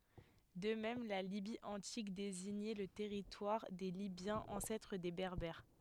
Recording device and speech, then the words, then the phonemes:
headset microphone, read sentence
De même, la Libye antique désignait le territoire des Libyens, ancêtre des Berbères.
də mɛm la libi ɑ̃tik deziɲɛ lə tɛʁitwaʁ de libjɑ̃z ɑ̃sɛtʁ de bɛʁbɛʁ

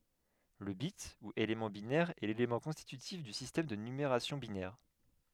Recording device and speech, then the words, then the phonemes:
headset microphone, read sentence
Le bit ou élément binaire est l'élément constitutif du système de numération binaire.
lə bit u elemɑ̃ binɛʁ ɛ lelemɑ̃ kɔ̃stitytif dy sistɛm də nymeʁasjɔ̃ binɛʁ

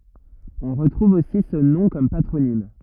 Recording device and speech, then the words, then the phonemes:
rigid in-ear microphone, read sentence
On retrouve aussi ce nom comme patronyme.
ɔ̃ ʁətʁuv osi sə nɔ̃ kɔm patʁonim

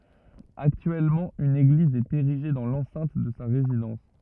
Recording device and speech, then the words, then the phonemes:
rigid in-ear microphone, read sentence
Actuellement, une église est érigée dans l'enceinte de sa résidence.
aktyɛlmɑ̃ yn eɡliz ɛt eʁiʒe dɑ̃ lɑ̃sɛ̃t də sa ʁezidɑ̃s

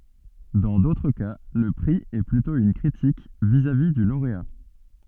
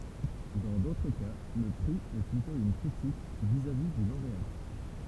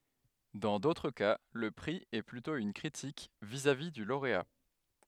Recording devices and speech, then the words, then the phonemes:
soft in-ear microphone, temple vibration pickup, headset microphone, read sentence
Dans d'autres cas, le prix est plutôt une critique vis-à-vis du lauréat.
dɑ̃ dotʁ ka lə pʁi ɛ plytɔ̃ yn kʁitik vizavi dy loʁea

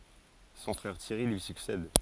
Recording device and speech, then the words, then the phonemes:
forehead accelerometer, read sentence
Son frère Thierry lui succède.
sɔ̃ fʁɛʁ tjɛʁi lyi syksɛd

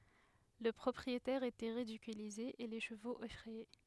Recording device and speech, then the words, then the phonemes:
headset microphone, read sentence
Le propriétaire était ridiculisé et les chevaux effrayés.
lə pʁɔpʁietɛʁ etɛ ʁidikylize e le ʃəvoz efʁɛje

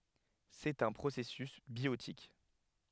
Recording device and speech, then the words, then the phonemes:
headset microphone, read sentence
C'est un processus biotique.
sɛt œ̃ pʁosɛsys bjotik

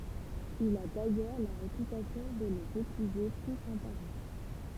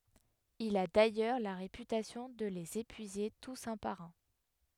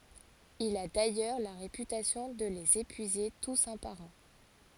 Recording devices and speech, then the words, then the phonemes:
temple vibration pickup, headset microphone, forehead accelerometer, read sentence
Il a d'ailleurs la réputation de les épuiser tous un par un.
il a dajœʁ la ʁepytasjɔ̃ də lez epyize tus œ̃ paʁ œ̃

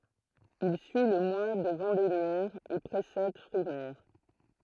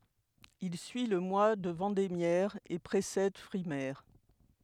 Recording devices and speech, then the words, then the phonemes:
throat microphone, headset microphone, read sentence
Il suit le mois de vendémiaire et précède frimaire.
il syi lə mwa də vɑ̃demjɛʁ e pʁesɛd fʁimɛʁ

